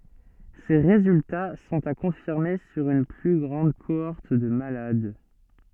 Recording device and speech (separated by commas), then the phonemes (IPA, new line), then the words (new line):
soft in-ear microphone, read sentence
se ʁezylta sɔ̃t a kɔ̃fiʁme syʁ yn ply ɡʁɑ̃d koɔʁt də malad
Ces résultats sont à confirmer sur une plus grande cohorte de malades.